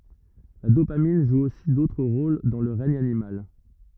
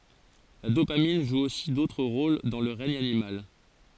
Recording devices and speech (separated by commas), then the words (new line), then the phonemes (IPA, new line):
rigid in-ear microphone, forehead accelerometer, read sentence
La dopamine joue aussi d'autres rôles dans le règne animal.
la dopamin ʒu osi dotʁ ʁol dɑ̃ lə ʁɛɲ animal